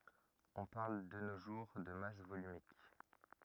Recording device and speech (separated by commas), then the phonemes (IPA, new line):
rigid in-ear microphone, read sentence
ɔ̃ paʁl də no ʒuʁ də mas volymik